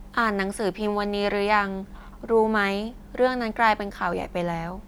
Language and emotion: Thai, neutral